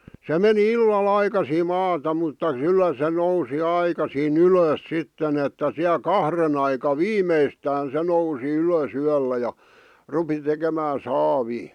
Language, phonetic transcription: Finnish, se meni "illal "aikasii 'maata mutta '(k)yllä se 'nousi 'aikasii"n ‿ylöös sitten ‿että siä "kahren ‿aika "viimeistään se 'nousi 'ylös 'yällä ja , 'rupi tekemää "saavii .
- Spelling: se meni illalla aikaisin maata mutta kyllä se nousi aikaisin ylös sitten että siellä kahden aikaan viimeistään se nousi ylös yöllä ja rupesi tekemään saavia

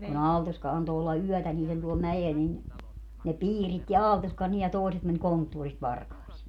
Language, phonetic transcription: Finnish, ku'n ‿Aaltoska 'anto olla "yɔ̈̀tä niilen tuol 'mäjel nin , ne "piiritti "Aaltoskan nii ja 'tòi̮set män 'konttuorist 'varkàisii .
- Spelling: kun Aaltoska antoi olla yötä niiden tuolla mäellä niin ne piiritti Aaltoskan niin ja toiset meni konttorista varkaisiin

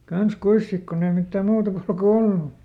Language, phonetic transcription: Finnish, ˈkans ˈkuis sik konn ‿ei mittä ˈmuuta kulku "ollu .
- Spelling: kanssa kuinkas sitten kun ei mitään muuta kulkua ollut

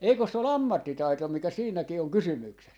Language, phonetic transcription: Finnish, 'eikös 'se ‿ol "ammattitaito mikä 'siinäkii oŋ "kysymyksès .
- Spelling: eikös se ole ammattitaito mikä siinäkin on kysymyksessä

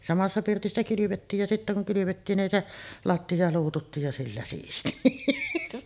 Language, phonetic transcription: Finnish, 'samassa 'pirtissä kylyvettiij ja sittä kuŋ 'kylyvettiin nin 'se , "latti₍a 'luututtiij ja 'sillä siisti .
- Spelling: samassa pirtissä kylvettiin ja sitten kun kylvettiin niin se lattia luututtiin ja sillä siisti

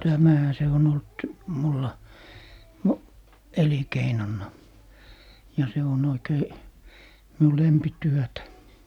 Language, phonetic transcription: Finnish, "tämähä se on 'olt , 'mulla mu- , "elinkeinonna , ja 'se on 'oikei , 'miu "lempityötä .
- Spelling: tämähän se on ollut minulla - elinkeinona ja se on oikein minun lempityötä

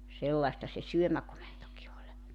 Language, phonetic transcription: Finnish, 'sellaⁱsta se "syömäkomentoki oĺ .
- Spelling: sellaista se syömäkomentokin oli

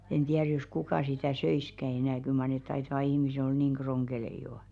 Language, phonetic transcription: Finnish, en 'tiär jos 'kukà sitä "söiskä 'enä̀ kyl mar neᵗ 'taitaᵛᵃ 'ihmise ol "niiŋ 'ɢroŋɢelei jò .
- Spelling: en tiedä jos kuka sitä söisikään enää kyllä mar ne taitavat ihmiset olla niin ronkeleita jo

